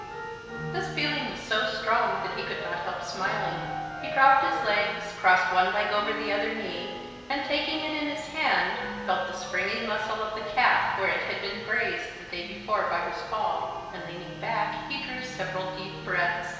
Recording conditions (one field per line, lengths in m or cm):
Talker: one person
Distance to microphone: 1.7 m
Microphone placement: close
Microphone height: 1.0 m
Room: very reverberant, large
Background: music